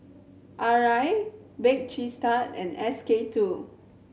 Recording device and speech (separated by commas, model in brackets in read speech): mobile phone (Samsung C7100), read sentence